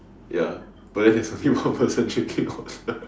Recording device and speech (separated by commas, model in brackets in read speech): standing microphone, conversation in separate rooms